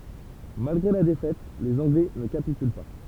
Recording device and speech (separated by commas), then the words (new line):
temple vibration pickup, read sentence
Malgré la défaite, les Anglais ne capitulent pas.